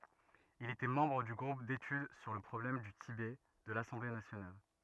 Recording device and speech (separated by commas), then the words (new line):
rigid in-ear microphone, read sentence
Il était membre du groupe d'études sur le problème du Tibet de l'Assemblée nationale.